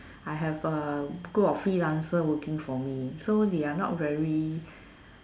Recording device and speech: standing microphone, conversation in separate rooms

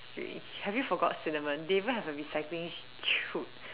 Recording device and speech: telephone, conversation in separate rooms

